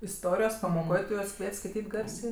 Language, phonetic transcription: Lithuanian, isˈtorijos pamoˈkoj ˈtu ˈjuos ˈkviet' skaiˈtyt' ˈgarsė

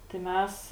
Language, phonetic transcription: Lithuanian, tai ˈmes

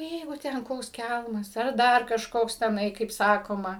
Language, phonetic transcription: Lithuanian, ˈjeigu ˈten ˈkoks ˈkælmas ar ˈdar kažˈkoks teˈnai kaip ˈsakoma

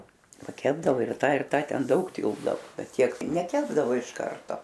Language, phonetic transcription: Lithuanian, paˈkepdavo ir ˈta ir ˈta ˈten ˈdaug ˈtilpdao ˈbet ˈtiek neˈkepdavo iš ˈkarto

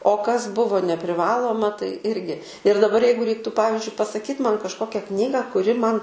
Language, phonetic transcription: Lithuanian, o kas ˈbuvo nepriˈvaloma tai ˈirgi ir daˈbar ˈjeigu ˈreiktų ˈpavizdžiui pasaˈkyt man kažˈkokia ˈknyga kuˈri man

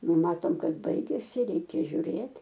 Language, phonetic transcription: Lithuanian, ˈnu ˈmatom ˈkad ˈbaigiasi ˈreikia žiuˈrėt'

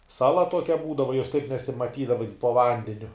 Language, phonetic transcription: Lithuanian, ˈsala ˈtokia ˈbūdava jos taip nesimaˈtydava jin po ˈvandeniu

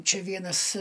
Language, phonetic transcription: Lithuanian, ˈčia ˈvienas

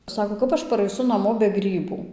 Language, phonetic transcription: Lithuanian, ˈsako ˈkap aš paraiˈsu naˈmo be ˈgrybų

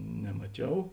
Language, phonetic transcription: Lithuanian, nemaˈčiau

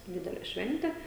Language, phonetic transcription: Lithuanian, ˈdidele ˈšvente

